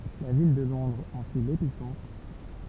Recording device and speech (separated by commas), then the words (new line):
temple vibration pickup, read sentence
La ville de Londres en fut l'épicentre.